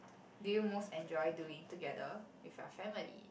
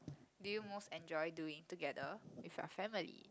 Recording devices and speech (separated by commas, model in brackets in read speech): boundary microphone, close-talking microphone, conversation in the same room